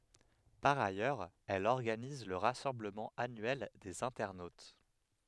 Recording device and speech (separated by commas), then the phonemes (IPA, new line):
headset microphone, read sentence
paʁ ajœʁz ɛl ɔʁɡaniz lə ʁasɑ̃bləmɑ̃ anyɛl dez ɛ̃tɛʁnot